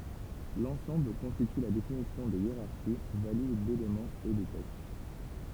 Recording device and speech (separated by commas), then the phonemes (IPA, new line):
temple vibration pickup, read sentence
lɑ̃sɑ̃bl kɔ̃stity la definisjɔ̃ de jeʁaʁʃi valid delemɑ̃z e də tɛkst